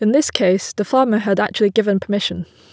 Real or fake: real